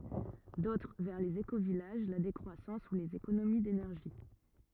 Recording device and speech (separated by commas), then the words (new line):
rigid in-ear microphone, read sentence
D'autres vers les écovillages, la décroissance ou les économies d'énergie.